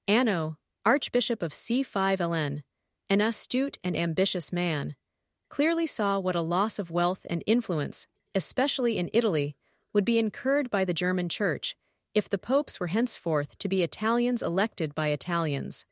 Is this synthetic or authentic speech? synthetic